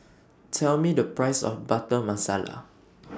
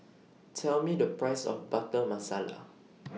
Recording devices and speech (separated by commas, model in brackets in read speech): standing microphone (AKG C214), mobile phone (iPhone 6), read sentence